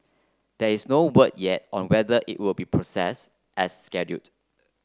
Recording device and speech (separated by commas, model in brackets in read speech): close-talking microphone (WH30), read sentence